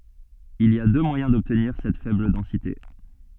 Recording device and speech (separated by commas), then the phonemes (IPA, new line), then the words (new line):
soft in-ear microphone, read sentence
il i a dø mwajɛ̃ dɔbtniʁ sɛt fɛbl dɑ̃site
Il y a deux moyens d'obtenir cette faible densité.